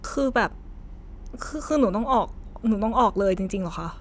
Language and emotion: Thai, sad